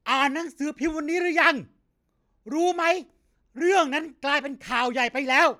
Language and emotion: Thai, angry